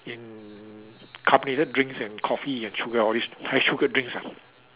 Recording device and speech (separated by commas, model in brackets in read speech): telephone, conversation in separate rooms